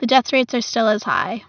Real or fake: real